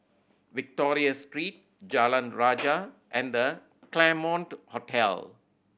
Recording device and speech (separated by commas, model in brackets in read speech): boundary microphone (BM630), read sentence